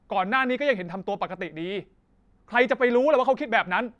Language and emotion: Thai, angry